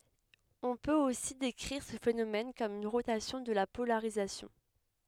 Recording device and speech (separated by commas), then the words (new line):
headset microphone, read sentence
On peut aussi décrire ce phénomène comme une rotation de la polarisation.